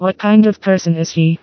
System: TTS, vocoder